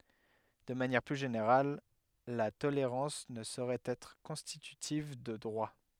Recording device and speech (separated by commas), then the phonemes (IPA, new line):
headset microphone, read sentence
də manjɛʁ ply ʒeneʁal la toleʁɑ̃s nə soʁɛt ɛtʁ kɔ̃stitytiv də dʁwa